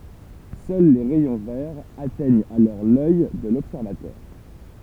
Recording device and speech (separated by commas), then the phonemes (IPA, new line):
temple vibration pickup, read sentence
sœl le ʁɛjɔ̃ vɛʁz atɛɲt alɔʁ lœj də lɔbsɛʁvatœʁ